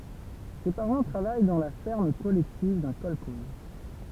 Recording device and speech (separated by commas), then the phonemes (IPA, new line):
temple vibration pickup, read sentence
se paʁɑ̃ tʁavaj dɑ̃ la fɛʁm kɔlɛktiv dœ̃ kɔlkɔz